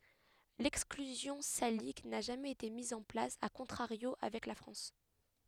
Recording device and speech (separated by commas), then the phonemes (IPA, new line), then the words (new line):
headset microphone, read sentence
lɛksklyzjɔ̃ salik na ʒamɛz ete miz ɑ̃ plas a kɔ̃tʁaʁjo avɛk la fʁɑ̃s
L'exclusion salique n'a jamais été mise en place a contrario avec la France.